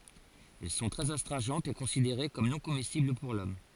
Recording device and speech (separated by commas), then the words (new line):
forehead accelerometer, read sentence
Elles sont très astringentes et considérées comme non comestibles pour l'homme.